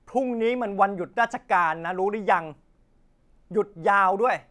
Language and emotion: Thai, angry